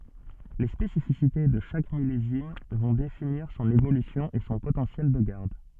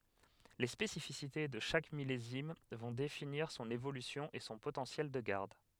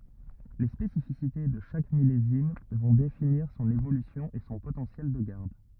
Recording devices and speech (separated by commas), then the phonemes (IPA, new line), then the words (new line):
soft in-ear microphone, headset microphone, rigid in-ear microphone, read sentence
le spesifisite də ʃak milezim vɔ̃ definiʁ sɔ̃n evolysjɔ̃ e sɔ̃ potɑ̃sjɛl də ɡaʁd
Les spécificités de chaque millésime vont définir son évolution et son potentiel de garde.